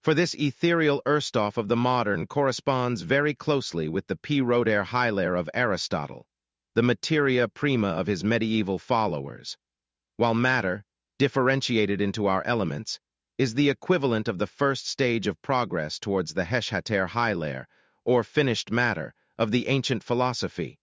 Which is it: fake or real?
fake